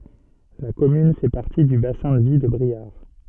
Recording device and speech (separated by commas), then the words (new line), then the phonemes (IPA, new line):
soft in-ear microphone, read sentence
La commune fait partie du bassin de vie de Briare.
la kɔmyn fɛ paʁti dy basɛ̃ də vi də bʁiaʁ